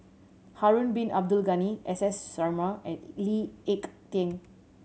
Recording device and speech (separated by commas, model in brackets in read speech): mobile phone (Samsung C7100), read sentence